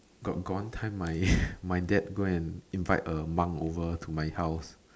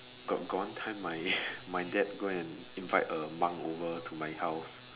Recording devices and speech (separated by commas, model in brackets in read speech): standing microphone, telephone, conversation in separate rooms